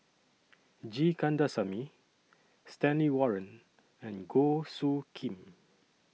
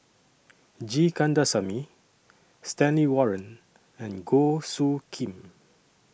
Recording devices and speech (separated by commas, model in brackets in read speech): mobile phone (iPhone 6), boundary microphone (BM630), read sentence